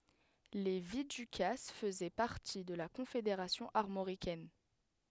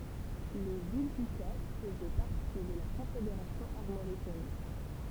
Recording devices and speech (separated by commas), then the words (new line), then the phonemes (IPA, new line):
headset microphone, temple vibration pickup, read sentence
Les Viducasses faisaient partie de la Confédération armoricaine.
le vidykas fəzɛ paʁti də la kɔ̃fedeʁasjɔ̃ aʁmoʁikɛn